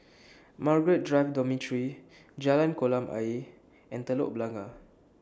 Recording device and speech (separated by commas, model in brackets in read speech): standing microphone (AKG C214), read sentence